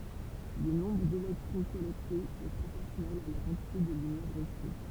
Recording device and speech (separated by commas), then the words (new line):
temple vibration pickup, read sentence
Le nombre d'électrons collectés est proportionnel à la quantité de lumière reçue.